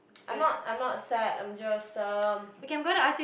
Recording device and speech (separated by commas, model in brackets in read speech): boundary microphone, conversation in the same room